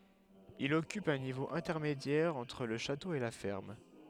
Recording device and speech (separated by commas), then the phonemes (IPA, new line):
headset microphone, read sentence
il ɔkyp œ̃ nivo ɛ̃tɛʁmedjɛʁ ɑ̃tʁ lə ʃato e la fɛʁm